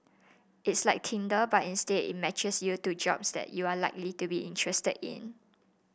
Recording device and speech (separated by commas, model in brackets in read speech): boundary microphone (BM630), read sentence